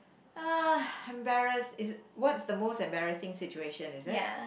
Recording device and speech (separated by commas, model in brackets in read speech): boundary microphone, conversation in the same room